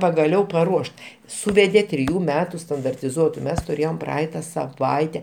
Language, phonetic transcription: Lithuanian, pagaˈliau paˈruošt ˈsūvedė triˈjų ˈmetu standartiˈzuotu ˈmes turˈėjom ˈpraaita saˈvaite

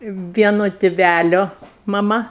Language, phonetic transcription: Lithuanian, ˈvieno tiˈvælio maˈma

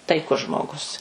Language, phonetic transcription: Lithuanian, taiˈkus ˈžmoˌgus

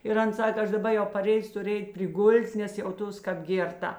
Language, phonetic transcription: Lithuanian, ir ˈan ˈsaka ˈaš daˈba jau paˈrėjus ˈtur' ˈeit' priˈgul't' nes jauˈtos ˈkap ˈgėrˌta

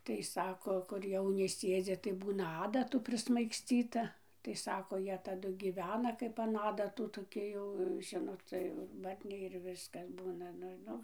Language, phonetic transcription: Lithuanian, ˈtai ˈsako kur ˈjauni ˈsėdzi tai ˈbūna ˈadatų prismaigsˈcyta tai ˈsako ˈjie taˈdu gyˈvena ˈkaip an ˈadatu toˈki jau ˈžinot ˈcia jau ir ˈbarniai ir ˈviskas ˈbūna ˈnu ˈnu

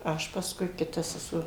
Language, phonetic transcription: Lithuanian, ˈaš pasˈkui kiˈta seˈsuo

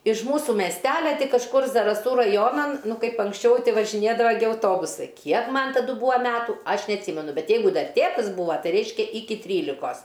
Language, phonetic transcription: Lithuanian, iš ˈmūsų mesˈtelia ty kažˈkur zaraˈsų raˈjonan ˈnu ˈkaip anksˈčiau ˈti važiˈnėdava gi auˈtobusai ˈkiek ˈman taˈdu ˈbūa ˈmetų ˈaš neatˈsymenu ˈbet ˈjeigu ˈdar ˈtėtas ˈbūva ˈtai ˈreiškia ˈiki ˈtrylikos

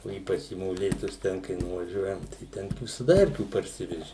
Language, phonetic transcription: Lithuanian, o ˈypač į moˈlėtus ˈten kai nuvaˈžiuojam tai ˈten visaˈda ˈerkių parˈsiveži

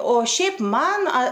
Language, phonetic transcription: Lithuanian, o ˈšiaip ˈman a

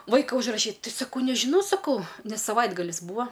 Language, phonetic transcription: Lithuanian, ˈvaika užraˈšyt ˈti saˈkau nežiˈnau saˈkau ˈnes saˈvaitgalis ˈbūa

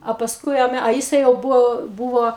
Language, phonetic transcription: Lithuanian, a pasˈkui a ˈme a ˈjisai jau ˈbuvo ˈbuvo

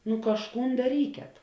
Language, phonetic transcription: Lithuanian, nu kažˈkūn daˈryket

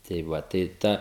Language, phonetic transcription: Lithuanian, tai ˈva tai ˈta

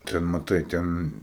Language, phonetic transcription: Lithuanian, ˈten maˈtai ˈten

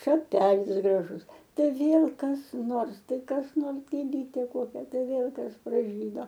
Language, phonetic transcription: Lithuanian, šaˈpelis graˈžus ˈtai ˈvėl kas ˈnors ˈtai kas ˈnors gėˈlytė ˈkokia ˈtai ˈvėl ˈkas praˈžydo

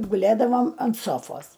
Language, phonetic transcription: Lithuanian, guˈlėdavom ant ˈsofos

